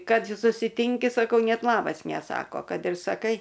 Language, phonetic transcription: Lithuanian, ˈkad susiˈtinki saˈkau ˈnet ˈlabas neˈsako ˈkad ir saˈkai

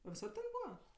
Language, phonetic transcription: Lithuanian, a viˈsad ten ˈbūva

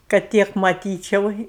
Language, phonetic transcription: Lithuanian, kad ˈtiek maˈtyčiau

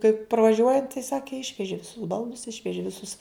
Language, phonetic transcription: Lithuanian, kaip pravaˈžiuojant tai ˈsaki išveži viˈsus ˈbaldus ˈišveži viˈsus

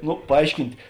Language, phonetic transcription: Lithuanian, ˈnu paˈaiškint'

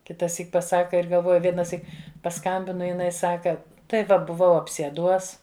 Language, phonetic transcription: Lithuanian, kitaˈsyk paˈsaka ir galˈvoju vienaˈsyk paˈskambina jiˈnai ˈsaka tai ˈva buˈvau apsieˈduos

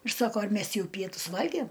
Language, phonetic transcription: Lithuanian, ir ˈsako ar ˈmes ˈjau ˈpietus ˈvalgiem

